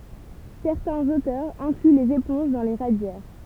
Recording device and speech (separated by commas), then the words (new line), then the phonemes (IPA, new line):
temple vibration pickup, read sentence
Certains auteurs incluent les éponges dans les radiaires.
sɛʁtɛ̃z otœʁz ɛ̃kly lez epɔ̃ʒ dɑ̃ le ʁadjɛʁ